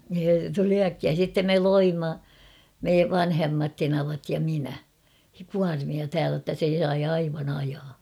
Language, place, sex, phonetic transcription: Finnish, Kauhava, female, (se) 'tuli 'äkkiää sittem 'me "loimma , 'me "vanhemmat 'tenavat ja 'minä , 'kuarmia 'täälä ‿ttä se sai 'aivan ‿'ajaa .
- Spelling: se tuli äkkiä sitten me loimme me vanhemmat tenavat ja minä kuormia täällä että se sai aivan ajaa

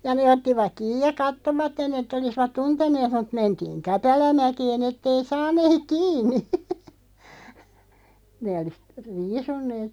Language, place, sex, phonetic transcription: Finnish, Loppi, female, ja 'nee ottivaᵏ "kiij ja "kattovatten ‿että 'olisvat "tunten̆neet mut 'mentiiŋ "käpälä'mäkeen ‿'ettei 'san̆neeᵏ "kiin̆ni , nee olis , 'riisunnee(t) ,.
- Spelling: ja ne ottivat kiinni ja katsoivat että olisivat tunteneet mutta mentiin käpälämäkeen että ei saneet kiinni ne olisi riisuneet

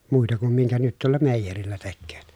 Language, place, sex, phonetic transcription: Finnish, Pielisjärvi, male, muita kum miŋkä nyt tuolla mèijerillä tekkööt .
- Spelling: muita kuin minkä nyt tuolla meijerillä tekevät

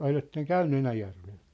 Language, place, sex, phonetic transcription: Finnish, Sippola, male, 'o(l)etteŋk̆ "käynny 'Enäjärveʟ ?
- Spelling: oletteko käynyt Enäjärvellä

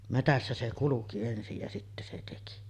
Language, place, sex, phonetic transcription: Finnish, Sotkamo, female, "metässä se 'kuluki ensij ja 'sittä se teki .
- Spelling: metsässä se kulki ensin ja sitten se teki

